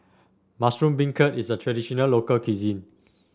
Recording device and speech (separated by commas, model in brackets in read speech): standing microphone (AKG C214), read sentence